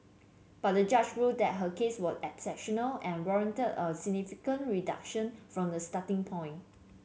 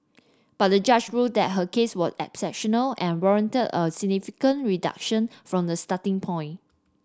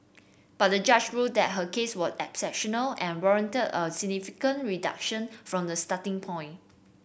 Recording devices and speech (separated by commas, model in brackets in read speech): mobile phone (Samsung C7), standing microphone (AKG C214), boundary microphone (BM630), read sentence